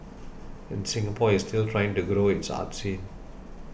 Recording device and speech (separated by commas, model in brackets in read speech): boundary microphone (BM630), read sentence